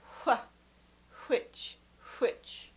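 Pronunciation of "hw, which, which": The clip opens with the voiceless hw sound said on its own, followed by 'which' said with that voiceless hw sound at the start.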